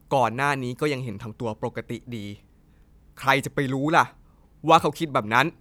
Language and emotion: Thai, frustrated